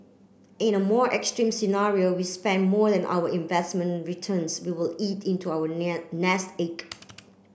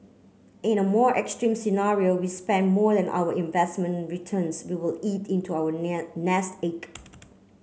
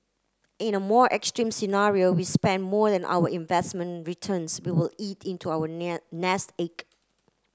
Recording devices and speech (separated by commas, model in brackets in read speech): boundary microphone (BM630), mobile phone (Samsung C9), close-talking microphone (WH30), read sentence